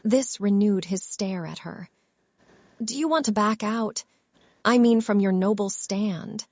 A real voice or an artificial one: artificial